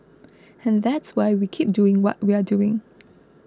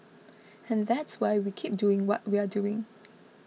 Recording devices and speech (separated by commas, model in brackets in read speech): close-talking microphone (WH20), mobile phone (iPhone 6), read sentence